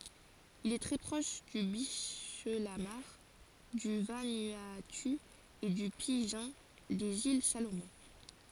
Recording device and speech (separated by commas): forehead accelerometer, read sentence